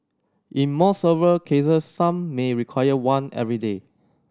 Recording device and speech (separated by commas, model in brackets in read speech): standing microphone (AKG C214), read sentence